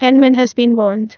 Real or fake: fake